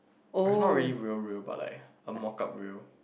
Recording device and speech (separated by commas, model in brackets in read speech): boundary microphone, conversation in the same room